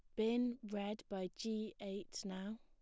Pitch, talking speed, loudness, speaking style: 210 Hz, 150 wpm, -43 LUFS, plain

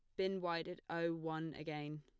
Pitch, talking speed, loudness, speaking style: 165 Hz, 200 wpm, -42 LUFS, plain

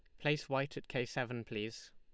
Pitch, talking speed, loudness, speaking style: 130 Hz, 205 wpm, -39 LUFS, Lombard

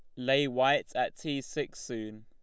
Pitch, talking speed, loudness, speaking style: 135 Hz, 175 wpm, -31 LUFS, Lombard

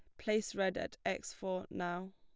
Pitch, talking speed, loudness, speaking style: 190 Hz, 185 wpm, -38 LUFS, plain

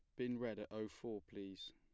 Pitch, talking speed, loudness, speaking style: 110 Hz, 235 wpm, -47 LUFS, plain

